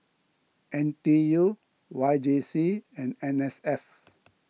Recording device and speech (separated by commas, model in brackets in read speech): mobile phone (iPhone 6), read sentence